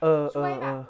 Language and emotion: Thai, neutral